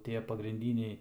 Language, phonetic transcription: Lithuanian, ˈtie pagrinˈdyniai

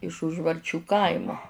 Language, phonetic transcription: Lithuanian, iš užvarˈčių ˈkaimu

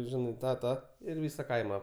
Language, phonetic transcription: Lithuanian, ˈžinai ˈtą ˈtą ir ˈvysa ˈkaima

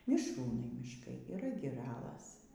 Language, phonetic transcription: Lithuanian, mišˈrūnai mišˈkai yˈra giˈralas

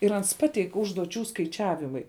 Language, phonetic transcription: Lithuanian, ir ˈans ˈpateik užduoˈčių skaiˈčiavimai

